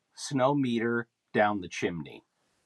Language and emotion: English, neutral